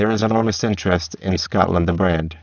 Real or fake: fake